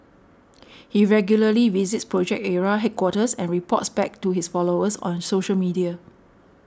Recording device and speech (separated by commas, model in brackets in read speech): standing microphone (AKG C214), read sentence